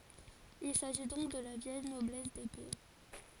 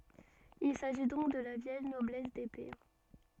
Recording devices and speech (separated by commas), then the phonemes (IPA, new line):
forehead accelerometer, soft in-ear microphone, read sentence
il saʒi dɔ̃k də la vjɛl nɔblɛs depe